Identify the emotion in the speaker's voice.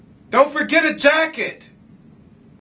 angry